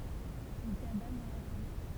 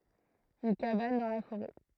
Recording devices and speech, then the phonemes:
temple vibration pickup, throat microphone, read sentence
yn kaban dɑ̃ la foʁɛ

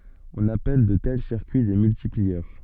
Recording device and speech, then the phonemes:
soft in-ear microphone, read sentence
ɔ̃n apɛl də tɛl siʁkyi de myltipliœʁ

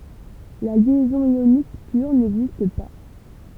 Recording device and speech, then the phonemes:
temple vibration pickup, read sentence
la ljɛzɔ̃ jonik pyʁ nɛɡzist pa

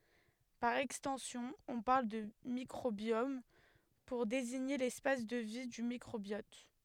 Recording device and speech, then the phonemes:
headset microphone, read sentence
paʁ ɛkstɑ̃sjɔ̃ ɔ̃ paʁl də mikʁobjɔm puʁ deziɲe lɛspas də vi dy mikʁobjɔt

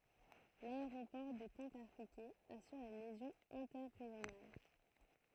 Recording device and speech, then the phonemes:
throat microphone, read sentence
laeʁopɔʁ də kɑ̃ kaʁpikɛ asyʁ le ljɛzɔ̃z ɛ̃tɛʁeʒjonal

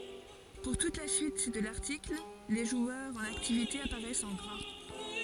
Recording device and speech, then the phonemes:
forehead accelerometer, read sentence
puʁ tut la syit də laʁtikl le ʒwœʁz ɑ̃n aktivite apaʁɛst ɑ̃ ɡʁa

